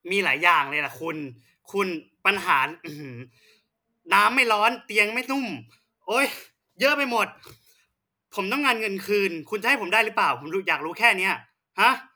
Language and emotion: Thai, angry